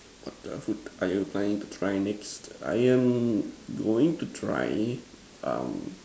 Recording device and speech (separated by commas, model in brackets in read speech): standing microphone, conversation in separate rooms